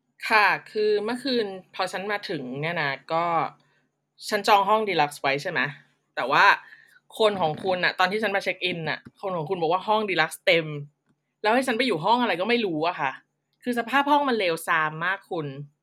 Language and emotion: Thai, angry